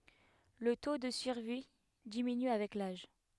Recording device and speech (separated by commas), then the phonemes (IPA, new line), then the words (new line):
headset microphone, read sentence
lə to də syʁvi diminy avɛk laʒ
Le taux de survie diminue avec l'âge.